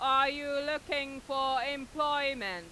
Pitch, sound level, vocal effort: 275 Hz, 102 dB SPL, very loud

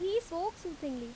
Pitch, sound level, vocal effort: 350 Hz, 86 dB SPL, loud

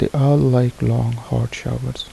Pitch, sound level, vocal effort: 120 Hz, 73 dB SPL, soft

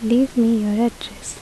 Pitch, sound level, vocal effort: 230 Hz, 75 dB SPL, soft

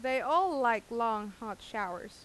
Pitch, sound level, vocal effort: 235 Hz, 91 dB SPL, loud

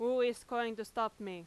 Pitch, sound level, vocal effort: 225 Hz, 94 dB SPL, very loud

